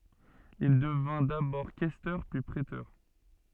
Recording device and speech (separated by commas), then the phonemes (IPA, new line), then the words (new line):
soft in-ear microphone, read sentence
il dəvɛ̃ dabɔʁ kɛstœʁ pyi pʁetœʁ
Il devint d'abord questeur, puis préteur.